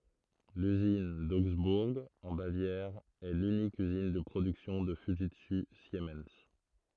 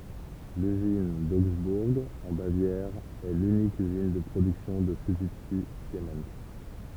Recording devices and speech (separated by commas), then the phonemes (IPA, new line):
throat microphone, temple vibration pickup, read sentence
lyzin doɡzbuʁ ɑ̃ bavjɛʁ ɛ lynik yzin də pʁodyksjɔ̃ də fyʒitsy simɛn